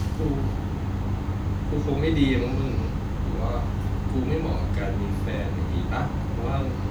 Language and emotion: Thai, sad